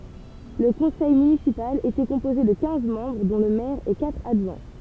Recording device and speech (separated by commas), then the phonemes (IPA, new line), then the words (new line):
temple vibration pickup, read sentence
lə kɔ̃sɛj mynisipal etɛ kɔ̃poze də kɛ̃z mɑ̃bʁ dɔ̃ lə mɛʁ e katʁ adʒwɛ̃
Le conseil municipal était composé de quinze membres dont le maire et quatre adjoints.